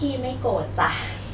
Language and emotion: Thai, frustrated